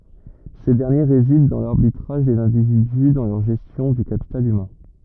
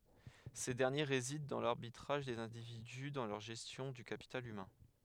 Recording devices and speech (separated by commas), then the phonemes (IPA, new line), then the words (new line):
rigid in-ear microphone, headset microphone, read sentence
se dɛʁnje ʁezidɑ̃ dɑ̃ laʁbitʁaʒ dez ɛ̃dividy dɑ̃ lœʁ ʒɛstjɔ̃ dy kapital ymɛ̃
Ces derniers résident dans l’arbitrage des individus dans leur gestion du capital humain.